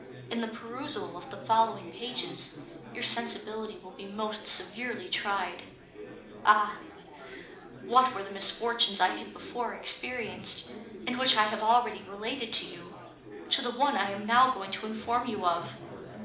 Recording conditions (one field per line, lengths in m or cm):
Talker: one person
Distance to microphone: 2.0 m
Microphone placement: close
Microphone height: 99 cm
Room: medium-sized (5.7 m by 4.0 m)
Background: babble